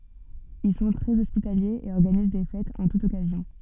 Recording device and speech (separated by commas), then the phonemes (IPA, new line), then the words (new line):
soft in-ear microphone, read sentence
il sɔ̃ tʁɛz ɔspitaljez e ɔʁɡaniz de fɛtz ɑ̃ tut ɔkazjɔ̃
Ils sont très hospitaliers et organisent des fêtes en toute occasion.